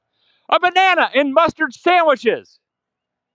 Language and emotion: English, happy